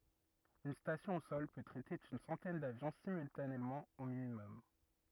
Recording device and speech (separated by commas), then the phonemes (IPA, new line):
rigid in-ear microphone, read sentence
yn stasjɔ̃ o sɔl pø tʁɛte yn sɑ̃tɛn davjɔ̃ simyltanemɑ̃ o minimɔm